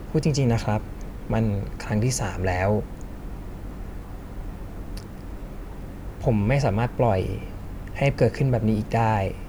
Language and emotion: Thai, frustrated